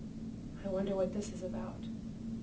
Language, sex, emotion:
English
female
fearful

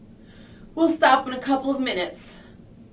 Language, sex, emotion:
English
female
neutral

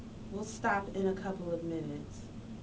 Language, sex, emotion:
English
female
neutral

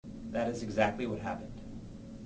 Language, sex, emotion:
English
male
neutral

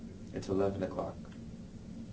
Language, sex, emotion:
English
male
neutral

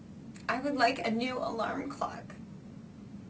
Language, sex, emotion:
English
female
sad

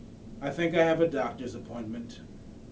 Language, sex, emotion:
English
male
neutral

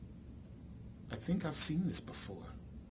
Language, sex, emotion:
English
male
neutral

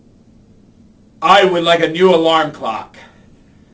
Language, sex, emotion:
English
male
angry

